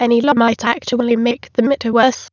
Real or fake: fake